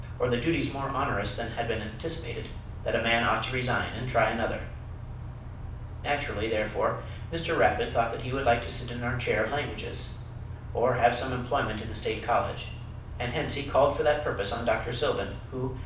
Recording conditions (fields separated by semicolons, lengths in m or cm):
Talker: one person; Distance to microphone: 5.8 m; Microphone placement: far; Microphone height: 1.8 m; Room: medium-sized (5.7 m by 4.0 m); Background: none